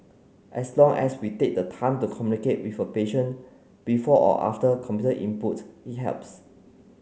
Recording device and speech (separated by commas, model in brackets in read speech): mobile phone (Samsung C9), read sentence